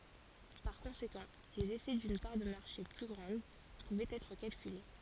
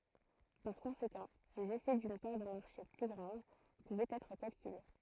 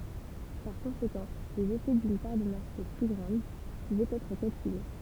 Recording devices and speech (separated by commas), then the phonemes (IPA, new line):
forehead accelerometer, throat microphone, temple vibration pickup, read sentence
paʁ kɔ̃sekɑ̃ lez efɛ dyn paʁ də maʁʃe ply ɡʁɑ̃d puvɛt ɛtʁ kalkyle